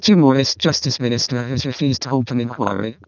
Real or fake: fake